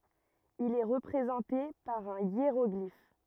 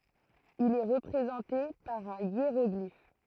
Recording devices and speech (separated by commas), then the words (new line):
rigid in-ear microphone, throat microphone, read sentence
Il est représenté par un hiéroglyphe.